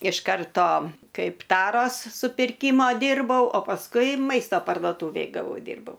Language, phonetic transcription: Lithuanian, iš ˈkarto ˈkaip ˈtaros supirˈkymo ˈdyrbau o pasˈkui ˈmaisto parduoˈtūvėj gaˈvau ˈdyrbau

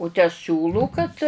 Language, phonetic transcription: Lithuanian, u tę ˈsiūlų kad

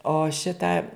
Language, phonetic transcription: Lithuanian, o ˈšitą

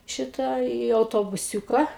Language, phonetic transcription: Lithuanian, ˈšita į autobuˈsiūka

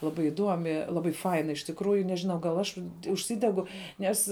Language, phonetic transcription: Lithuanian, laˈbai iˈduomi ˈlabai ˈfaina iš tikˈrųju nežiˈnau gal aš užˈsidegu ˈnes

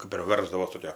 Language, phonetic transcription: Lithuanian, kap ir ˈversdavos toˈkio

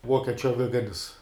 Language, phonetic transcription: Lithuanian, ˈvuokiečiu aˈviganis

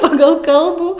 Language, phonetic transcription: Lithuanian, ˈpagal ˈkalbų

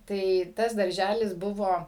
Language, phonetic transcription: Lithuanian, tai ˈtas darˈžælis ˈbuvo

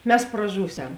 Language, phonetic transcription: Lithuanian, ˈmes praˈžūˌsem

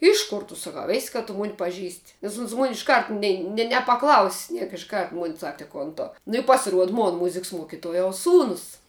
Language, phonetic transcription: Lithuanian, ˈiš kor tu ˈsakau ˈės' ka tu ˈmon paˈžįst' nes uns mun' išˈkart ˈnei ne nepaˈklaus' ˈniek iš ˈkart ˈmun' ˈsak ti ˈkon ˈtu nu i pasiˈruod ˈmon ˈmuziks ˈmuokituojaus ˈsūnus

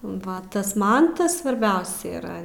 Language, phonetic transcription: Lithuanian, ˈva tas ˈman ˈtas svarˈbiausia yˈra

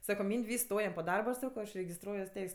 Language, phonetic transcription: Lithuanian, ˈsako ˈmynd' ˈvysks ˈstojam po ˈdarba aš ˈsako aš regisˈtruojuos ˈteis'

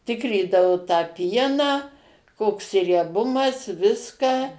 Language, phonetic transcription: Lithuanian, ˈtikrydavu tą ˈpieną ˈkoks rieˈbumas ˈviska

